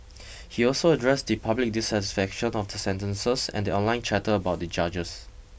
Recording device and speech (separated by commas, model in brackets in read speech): boundary microphone (BM630), read sentence